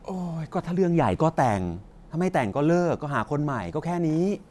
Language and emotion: Thai, frustrated